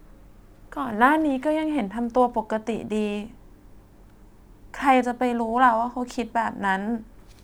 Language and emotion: Thai, sad